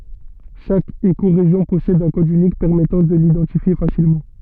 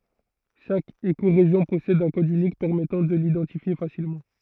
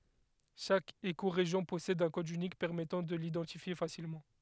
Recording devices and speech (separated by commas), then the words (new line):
soft in-ear microphone, throat microphone, headset microphone, read sentence
Chaque écorégion possède un code unique permettant de l'identifier facilement.